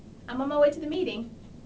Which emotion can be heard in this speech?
happy